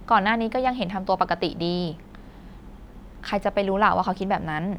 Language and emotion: Thai, neutral